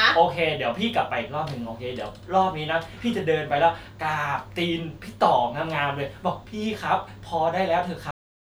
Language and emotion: Thai, frustrated